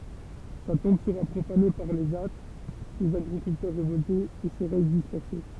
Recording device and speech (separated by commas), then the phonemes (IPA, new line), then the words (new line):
temple vibration pickup, read sentence
sa tɔ̃b səʁa pʁofane paʁ le ʒa dez aɡʁikyltœʁ ʁevɔltez e se ʁɛst dispɛʁse
Sa tombe sera profanée par les Jâts, des agriculteurs révoltés, et ses restes dispersés.